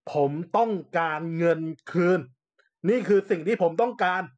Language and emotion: Thai, angry